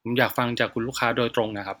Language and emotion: Thai, neutral